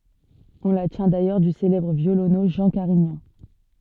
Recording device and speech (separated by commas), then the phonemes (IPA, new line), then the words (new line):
soft in-ear microphone, read sentence
ɔ̃ la tjɛ̃ dajœʁ dy selɛbʁ vjolonø ʒɑ̃ kaʁiɲɑ̃
On la tient d’ailleurs du célèbre violoneux Jean Carignan.